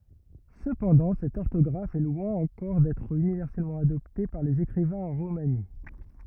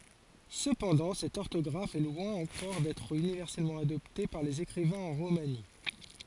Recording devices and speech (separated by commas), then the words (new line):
rigid in-ear microphone, forehead accelerometer, read sentence
Cependant cette orthographe est loin encore d’être universellement adoptée par les écrivains en romani.